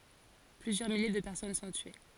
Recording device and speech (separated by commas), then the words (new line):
forehead accelerometer, read sentence
Plusieurs milliers de personnes sont tuées..